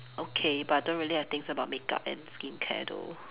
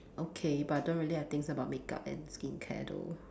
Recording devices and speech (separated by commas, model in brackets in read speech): telephone, standing microphone, conversation in separate rooms